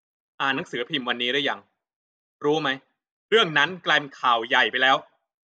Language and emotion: Thai, frustrated